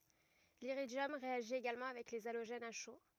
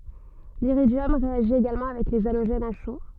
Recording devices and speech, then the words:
rigid in-ear microphone, soft in-ear microphone, read sentence
L'iridium réagit également avec les halogènes à chaud.

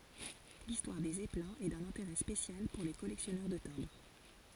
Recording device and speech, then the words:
forehead accelerometer, read sentence
L'histoire des zeppelins est d'un intérêt spécial pour les collectionneurs de timbres.

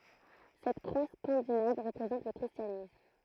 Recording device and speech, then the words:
throat microphone, read sentence
Cette croix scandinave représente le christianisme.

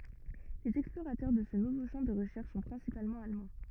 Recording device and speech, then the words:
rigid in-ear microphone, read sentence
Les explorateurs de ce nouveau champ de recherches sont principalement allemands.

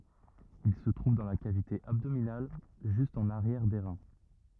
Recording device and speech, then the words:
rigid in-ear microphone, read sentence
Ils se trouvent dans la cavité abdominale, juste en arrière des reins.

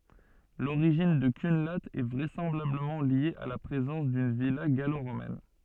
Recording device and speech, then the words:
soft in-ear microphone, read sentence
L'origine de Cunlhat est vraisemblablement liée à la présence d'une villa gallo-romaine.

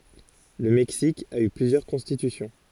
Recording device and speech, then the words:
forehead accelerometer, read sentence
Le Mexique a eu plusieurs constitutions.

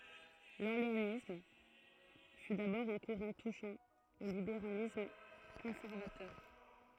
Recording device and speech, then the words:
throat microphone, read sentence
L'orléanisme fut d'abord un courant touchant au libéralisme conservateur.

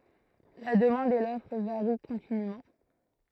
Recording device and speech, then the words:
throat microphone, read sentence
La demande et l'offre varient continûment.

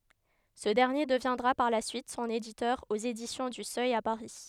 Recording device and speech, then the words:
headset microphone, read sentence
Ce dernier deviendra par la suite son éditeur aux Éditions du Seuil à Paris.

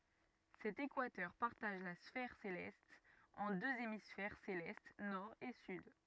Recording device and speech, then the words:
rigid in-ear microphone, read sentence
Cet équateur partage la sphère céleste en deux hémisphères célestes nord et sud.

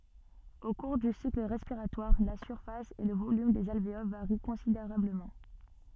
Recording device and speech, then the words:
soft in-ear microphone, read sentence
Au cours du cycle respiratoire, la surface et le volume des alvéoles varient considérablement.

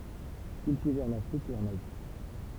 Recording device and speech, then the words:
temple vibration pickup, read sentence
Cultivé en Afrique et en Asie.

